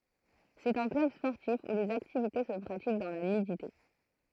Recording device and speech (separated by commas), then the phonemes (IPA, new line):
throat microphone, read sentence
sɛt œ̃ klœb spɔʁtif u lez aktivite sə pʁatik dɑ̃ la nydite